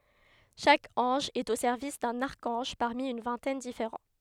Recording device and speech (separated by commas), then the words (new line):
headset microphone, read sentence
Chaque ange est au service d'un archange, parmi une vingtaine différents.